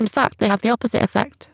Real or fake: fake